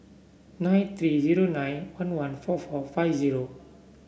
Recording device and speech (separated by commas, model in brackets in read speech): boundary microphone (BM630), read sentence